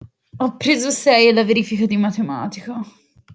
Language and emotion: Italian, sad